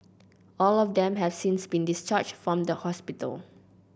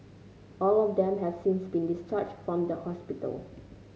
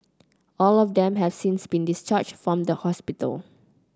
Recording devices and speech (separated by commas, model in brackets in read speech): boundary microphone (BM630), mobile phone (Samsung C9), close-talking microphone (WH30), read sentence